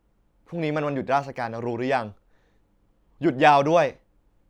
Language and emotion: Thai, frustrated